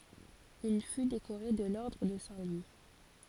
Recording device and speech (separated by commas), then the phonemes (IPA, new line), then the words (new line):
forehead accelerometer, read sentence
il fy dekoʁe də lɔʁdʁ də sɛ̃ lwi
Il fut décoré de l'ordre de Saint-Louis.